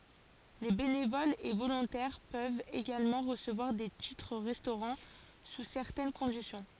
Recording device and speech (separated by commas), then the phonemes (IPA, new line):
forehead accelerometer, read sentence
le benevolz e volɔ̃tɛʁ pøvt eɡalmɑ̃ ʁəsəvwaʁ de titʁ ʁɛstoʁɑ̃ su sɛʁtɛn kɔ̃disjɔ̃